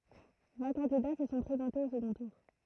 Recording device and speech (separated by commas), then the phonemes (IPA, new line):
throat microphone, read sentence
vɛ̃ kɑ̃dida sə sɔ̃ pʁezɑ̃tez o səɡɔ̃ tuʁ